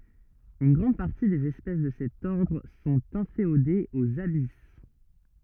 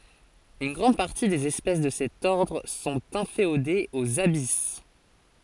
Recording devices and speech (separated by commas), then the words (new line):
rigid in-ear microphone, forehead accelerometer, read sentence
Une grande partie des espèces de cet ordre sont inféodées aux abysses.